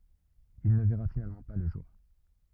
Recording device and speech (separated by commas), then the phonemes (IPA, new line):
rigid in-ear microphone, read sentence
il nə vɛʁa finalmɑ̃ pa lə ʒuʁ